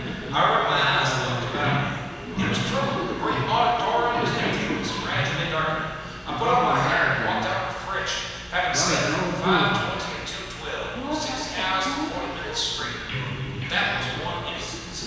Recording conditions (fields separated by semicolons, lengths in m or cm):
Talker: one person; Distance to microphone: 7.1 m; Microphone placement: far; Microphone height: 1.7 m; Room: very reverberant, large; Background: television